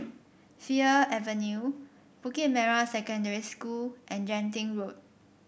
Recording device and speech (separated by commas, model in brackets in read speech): boundary microphone (BM630), read sentence